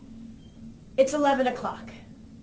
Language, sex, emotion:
English
female
neutral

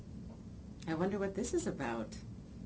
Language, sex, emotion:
English
female
neutral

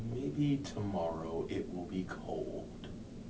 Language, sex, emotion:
English
male
neutral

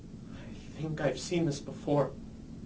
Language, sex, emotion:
English
male
fearful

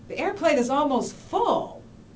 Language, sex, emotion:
English
female
disgusted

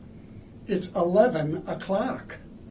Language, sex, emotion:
English
male
happy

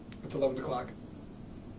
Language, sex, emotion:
English
male
neutral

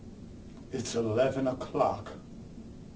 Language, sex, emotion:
English
male
neutral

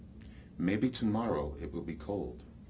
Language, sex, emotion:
English
male
neutral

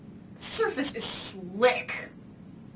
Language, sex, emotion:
English
female
disgusted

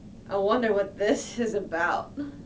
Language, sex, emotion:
English
female
sad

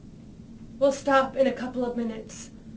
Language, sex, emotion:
English
female
sad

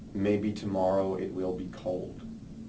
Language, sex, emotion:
English
male
sad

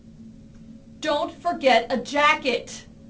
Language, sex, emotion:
English
female
angry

